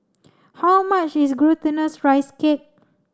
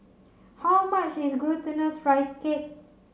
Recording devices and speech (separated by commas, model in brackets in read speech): standing microphone (AKG C214), mobile phone (Samsung C7), read sentence